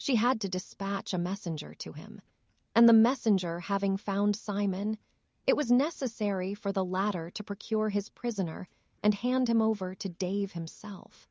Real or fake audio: fake